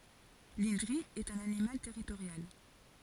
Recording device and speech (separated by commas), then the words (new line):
forehead accelerometer, read sentence
L’indri est un animal territorial.